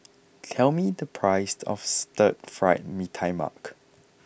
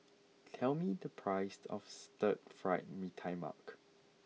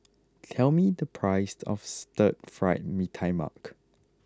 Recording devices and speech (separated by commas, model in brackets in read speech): boundary microphone (BM630), mobile phone (iPhone 6), close-talking microphone (WH20), read sentence